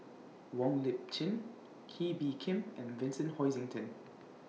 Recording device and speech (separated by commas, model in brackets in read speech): mobile phone (iPhone 6), read sentence